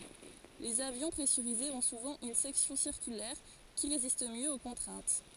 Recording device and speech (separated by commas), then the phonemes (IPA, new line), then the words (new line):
forehead accelerometer, read sentence
lez avjɔ̃ pʁɛsyʁizez ɔ̃ suvɑ̃ yn sɛksjɔ̃ siʁkylɛʁ ki ʁezist mjø o kɔ̃tʁɛ̃t
Les avions pressurisés ont souvent une section circulaire qui résiste mieux aux contraintes.